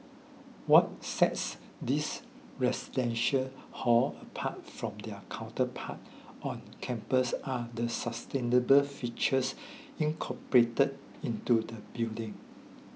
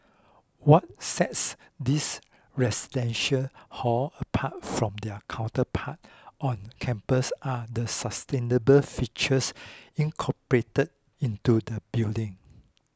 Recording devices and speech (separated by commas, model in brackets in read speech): mobile phone (iPhone 6), close-talking microphone (WH20), read sentence